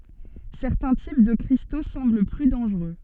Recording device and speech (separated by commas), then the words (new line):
soft in-ear microphone, read sentence
Certains types de cristaux semblent plus dangereux.